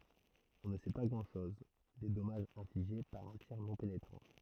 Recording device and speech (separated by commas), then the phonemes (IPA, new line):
throat microphone, read sentence
ɔ̃ nə sɛ pa ɡʁɑ̃dʃɔz de dɔmaʒz ɛ̃fliʒe paʁ œ̃ tiʁ nɔ̃ penetʁɑ̃